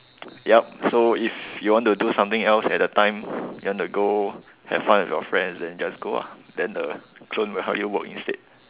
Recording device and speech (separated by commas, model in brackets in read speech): telephone, conversation in separate rooms